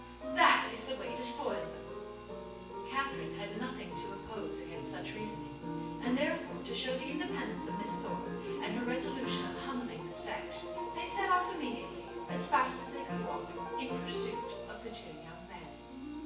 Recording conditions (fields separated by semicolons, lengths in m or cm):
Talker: one person; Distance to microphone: 9.8 m; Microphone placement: far; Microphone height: 1.8 m; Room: large; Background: music